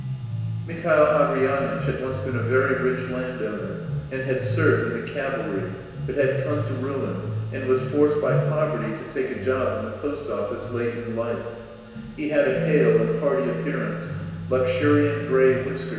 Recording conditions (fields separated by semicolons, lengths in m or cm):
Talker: one person; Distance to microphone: 1.7 m; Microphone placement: close; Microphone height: 1.0 m; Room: very reverberant, large; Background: music